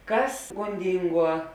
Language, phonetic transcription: Lithuanian, ˈkas gonˈdinˌguo

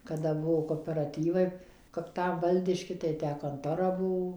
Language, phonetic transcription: Lithuanian, kaˈda ˈbuvo koperaˈtyvai kap ˈtam ˈvaldiški tai ˈtę konˈtora ˈbuvo

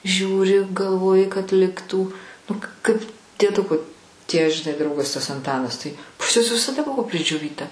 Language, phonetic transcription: Lithuanian, ˈžiūri galˈvoji kad ˈliktų nu kaip dieˈduko tie žiˈnai ˈdraugas tas anˈtanas ˈtai pas ˈjuos visaˈda ˈbuvo pridžioˈvyta

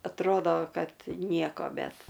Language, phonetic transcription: Lithuanian, atˈrodo ˈkad ˈnieko ˈbet

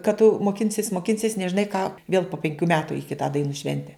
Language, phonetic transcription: Lithuanian, kad tu moˈkinsis moˈkinsis nežiˈnai ką vėl po penˈkių ˈmetu i ˈkitą daiˈnų ˈšvente

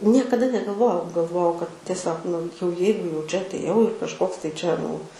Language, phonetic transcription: Lithuanian, ˈniekaˈda negalˈvojau galˈvojau kad tieˈsiog nu jau ˈjeigu jau ˈčia atˈėjau ir kažˈkoks tai ˈčia nu

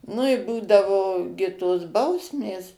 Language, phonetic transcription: Lithuanian, nu i ˈbūdavo gi tos ˈbausmės

